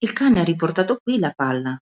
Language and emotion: Italian, surprised